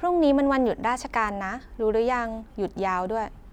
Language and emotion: Thai, neutral